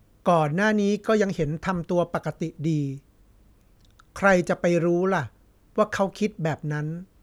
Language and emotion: Thai, neutral